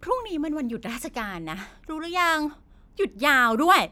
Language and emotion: Thai, frustrated